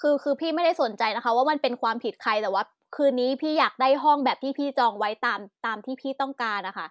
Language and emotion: Thai, frustrated